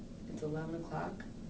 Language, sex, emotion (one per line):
English
female
neutral